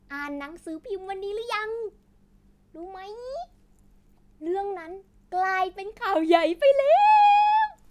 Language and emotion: Thai, happy